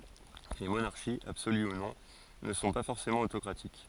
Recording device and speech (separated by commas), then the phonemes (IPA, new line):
forehead accelerometer, read sentence
le monaʁʃiz absoly u nɔ̃ nə sɔ̃ pa fɔʁsemɑ̃ otokʁatik